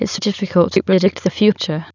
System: TTS, waveform concatenation